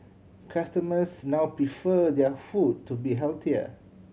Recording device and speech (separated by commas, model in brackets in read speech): mobile phone (Samsung C7100), read sentence